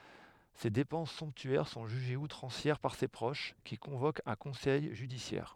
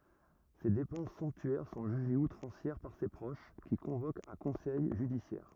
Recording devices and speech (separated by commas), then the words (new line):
headset microphone, rigid in-ear microphone, read sentence
Ses dépenses somptuaires sont jugées outrancières par ses proches, qui convoquent un conseil judiciaire.